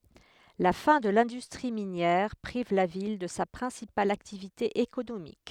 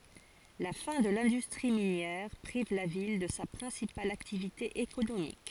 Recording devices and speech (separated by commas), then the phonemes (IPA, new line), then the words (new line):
headset microphone, forehead accelerometer, read sentence
la fɛ̃ də lɛ̃dystʁi minjɛʁ pʁiv la vil də sa pʁɛ̃sipal aktivite ekonomik
La fin de l'industrie minière prive la ville de sa principale activité économique.